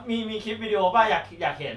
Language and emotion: Thai, happy